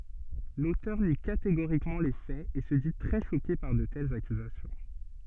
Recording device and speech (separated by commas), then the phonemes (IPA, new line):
soft in-ear microphone, read sentence
lotœʁ ni kateɡoʁikmɑ̃ le fɛz e sə di tʁɛ ʃoke paʁ də tɛlz akyzasjɔ̃